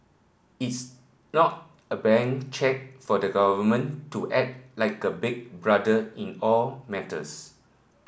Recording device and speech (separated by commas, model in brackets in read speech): boundary microphone (BM630), read sentence